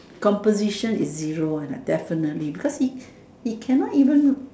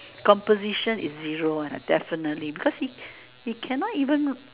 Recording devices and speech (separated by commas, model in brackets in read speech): standing microphone, telephone, conversation in separate rooms